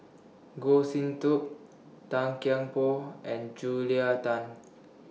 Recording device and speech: mobile phone (iPhone 6), read sentence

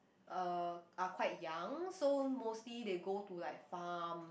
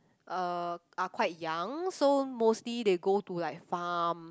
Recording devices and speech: boundary microphone, close-talking microphone, conversation in the same room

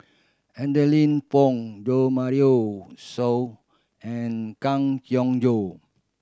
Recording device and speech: standing microphone (AKG C214), read sentence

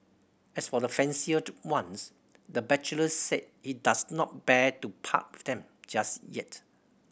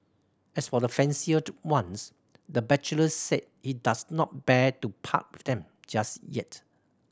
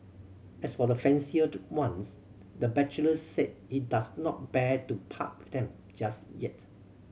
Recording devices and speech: boundary microphone (BM630), standing microphone (AKG C214), mobile phone (Samsung C7100), read sentence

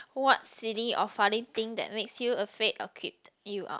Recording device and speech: close-talking microphone, conversation in the same room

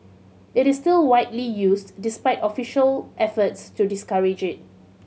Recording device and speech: mobile phone (Samsung C7100), read sentence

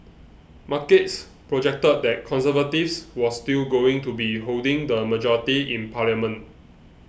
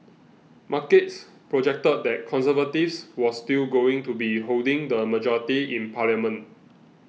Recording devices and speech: boundary microphone (BM630), mobile phone (iPhone 6), read sentence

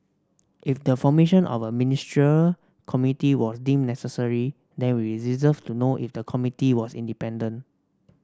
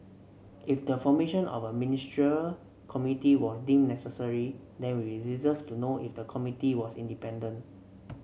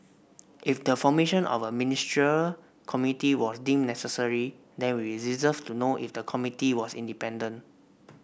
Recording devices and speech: standing microphone (AKG C214), mobile phone (Samsung C7), boundary microphone (BM630), read sentence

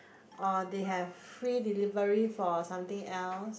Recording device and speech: boundary microphone, conversation in the same room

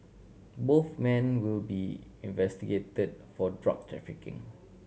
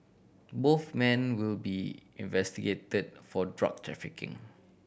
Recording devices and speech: mobile phone (Samsung C7100), boundary microphone (BM630), read sentence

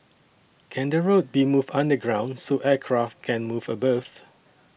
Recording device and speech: boundary microphone (BM630), read sentence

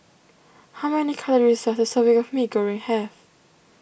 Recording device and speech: boundary microphone (BM630), read sentence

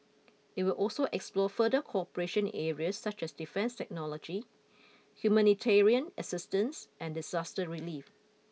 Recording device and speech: mobile phone (iPhone 6), read sentence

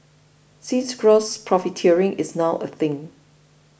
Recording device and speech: boundary microphone (BM630), read sentence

